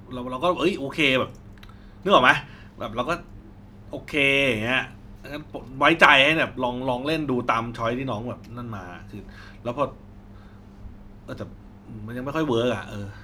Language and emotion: Thai, frustrated